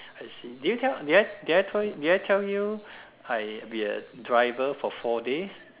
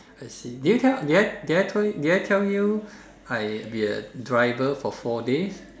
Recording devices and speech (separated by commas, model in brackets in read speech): telephone, standing microphone, conversation in separate rooms